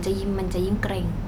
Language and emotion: Thai, neutral